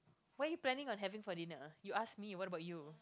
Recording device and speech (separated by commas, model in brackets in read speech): close-talking microphone, conversation in the same room